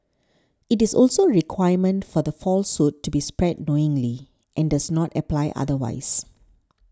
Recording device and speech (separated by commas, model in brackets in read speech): standing microphone (AKG C214), read sentence